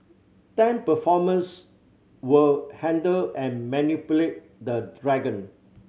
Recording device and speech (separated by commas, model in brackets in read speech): mobile phone (Samsung C7100), read sentence